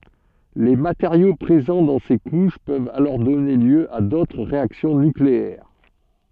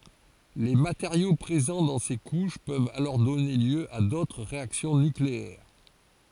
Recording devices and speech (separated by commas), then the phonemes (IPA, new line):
soft in-ear microphone, forehead accelerometer, read sentence
le mateʁjo pʁezɑ̃ dɑ̃ se kuʃ pøvt alɔʁ dɔne ljø a dotʁ ʁeaksjɔ̃ nykleɛʁ